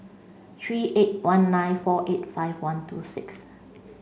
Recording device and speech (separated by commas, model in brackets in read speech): mobile phone (Samsung C5), read sentence